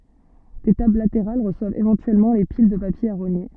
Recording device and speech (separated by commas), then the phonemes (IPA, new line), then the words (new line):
soft in-ear microphone, read sentence
de tabl lateʁal ʁəswavt evɑ̃tyɛlmɑ̃ le pil də papje a ʁoɲe
Des tables latérales reçoivent éventuellement les piles de papier à rogner.